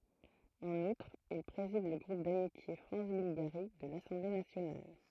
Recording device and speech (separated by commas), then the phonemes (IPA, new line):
throat microphone, read sentence
ɑ̃n utʁ il pʁezid lə ɡʁup damitje fʁɑ̃s bylɡaʁi də lasɑ̃ble nasjonal